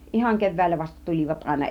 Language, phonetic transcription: Finnish, 'ihaŋ 'kev̆vä̀illä vasta "tul͕ivat 'aina .
- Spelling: ihan keväällä vasta tulivat aina

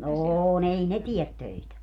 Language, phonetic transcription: Finnish, 'oo'n ‿ei "ne 'tiet 'töitä .
- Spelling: on ei ne tee töitä

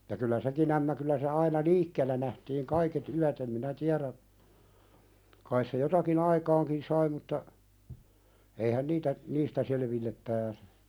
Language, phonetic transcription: Finnish, [mut]ta kyllä "sekin ‿ämmä kyllä se aina "liikkeellä nähtiiŋ 'kaiket 'yät em minä "tiäðä , kais se jotaki"n ‿aikaaŋkin 'sai mutta , eihän "niitä , 'niistä selevillep pääsᴇ .
- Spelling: mutta kyllä sekin ämmä kyllä se aina liikkeellä nähtiin kaiket yöt en minä tiedä kai se jotakin aikaankin sai mutta eihän niitä niistä selville pääse

